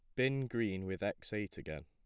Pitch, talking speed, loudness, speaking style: 100 Hz, 215 wpm, -38 LUFS, plain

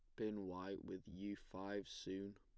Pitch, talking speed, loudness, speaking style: 95 Hz, 170 wpm, -49 LUFS, plain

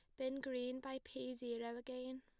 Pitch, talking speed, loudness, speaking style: 255 Hz, 180 wpm, -46 LUFS, plain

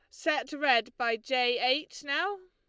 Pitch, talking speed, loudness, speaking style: 275 Hz, 160 wpm, -29 LUFS, Lombard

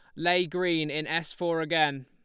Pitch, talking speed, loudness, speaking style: 165 Hz, 195 wpm, -27 LUFS, Lombard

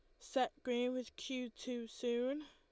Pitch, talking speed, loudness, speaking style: 255 Hz, 160 wpm, -41 LUFS, Lombard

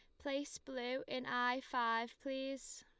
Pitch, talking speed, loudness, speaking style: 260 Hz, 140 wpm, -41 LUFS, Lombard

